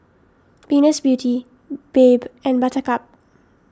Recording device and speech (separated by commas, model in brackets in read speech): standing microphone (AKG C214), read sentence